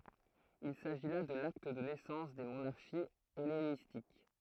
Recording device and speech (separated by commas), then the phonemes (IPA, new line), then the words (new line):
throat microphone, read sentence
il saʒi la də lakt də nɛsɑ̃s de monaʁʃiz ɛlenistik
Il s'agit là de l'acte de naissance des monarchies hellénistiques.